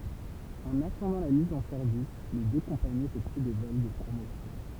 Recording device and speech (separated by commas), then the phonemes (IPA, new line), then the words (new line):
temple vibration pickup, read sentence
ɑ̃n atɑ̃dɑ̃ la miz ɑ̃ sɛʁvis le dø kɔ̃paniz efɛkty de vɔl də pʁomosjɔ̃
En attendant la mise en service, les deux compagnies effectuent des vols de promotion.